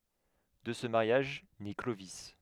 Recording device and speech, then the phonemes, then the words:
headset microphone, read sentence
də sə maʁjaʒ nɛ klovi
De ce mariage naît Clovis.

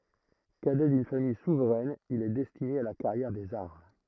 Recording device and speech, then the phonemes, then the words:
throat microphone, read sentence
kadɛ dyn famij suvʁɛn il ɛ dɛstine a la kaʁjɛʁ dez aʁm
Cadet d'une famille souveraine, il est destiné à la carrière des armes.

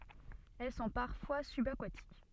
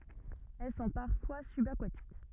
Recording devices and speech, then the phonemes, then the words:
soft in-ear microphone, rigid in-ear microphone, read sentence
ɛl sɔ̃ paʁfwa sybakatik
Elles sont parfois subaquatiques.

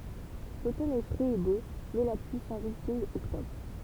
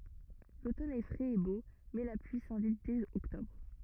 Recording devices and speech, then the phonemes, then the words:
temple vibration pickup, rigid in-ear microphone, read sentence
lotɔn ɛ fʁɛz e bo mɛ la plyi sɛ̃vit dɛz ɔktɔbʁ
L'automne est frais et beau, mais la pluie s'invite dès octobre.

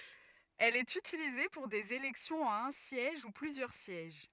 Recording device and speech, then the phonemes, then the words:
rigid in-ear microphone, read sentence
ɛl ɛt ytilize puʁ dez elɛksjɔ̃z a œ̃ sjɛʒ u plyzjœʁ sjɛʒ
Elle est utilisée pour des élections à un siège ou plusieurs sièges.

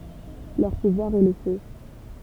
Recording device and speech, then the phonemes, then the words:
temple vibration pickup, read sentence
lœʁ puvwaʁ ɛ lə fø
Leur pouvoir est le feu.

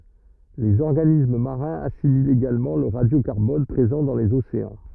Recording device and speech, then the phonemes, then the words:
rigid in-ear microphone, read sentence
lez ɔʁɡanism maʁɛ̃z asimilt eɡalmɑ̃ lə ʁadjokaʁbɔn pʁezɑ̃ dɑ̃ lez oseɑ̃
Les organismes marins assimilent également le radiocarbone présent dans les océans.

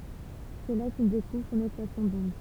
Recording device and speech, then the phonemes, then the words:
temple vibration pickup, read sentence
sɛ la kil dekuvʁ sɔ̃n ekwasjɔ̃ dɔ̃d
C'est là qu'il découvre son équation d'onde.

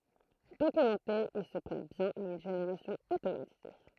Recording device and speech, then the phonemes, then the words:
throat microphone, read sentence
dokymɑ̃te il sə pʁɛt bjɛ̃n a yn ʒeneʁasjɔ̃ otomatize
Documenté, il se prête bien à une génération automatisée.

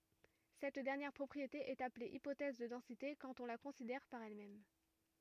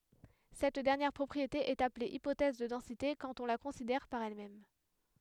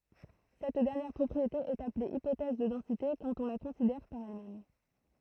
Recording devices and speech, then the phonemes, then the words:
rigid in-ear microphone, headset microphone, throat microphone, read sentence
sɛt dɛʁnjɛʁ pʁɔpʁiete ɛt aple ipotɛz də dɑ̃site kɑ̃t ɔ̃ la kɔ̃sidɛʁ paʁ ɛl mɛm
Cette dernière propriété est appelée hypothèse de densité quand on la considère par elle-même.

